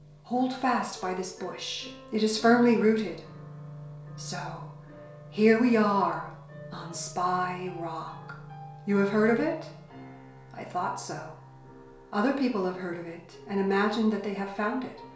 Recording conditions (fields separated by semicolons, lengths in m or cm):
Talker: one person; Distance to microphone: 1.0 m; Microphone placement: close; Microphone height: 1.1 m; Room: small (3.7 m by 2.7 m); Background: music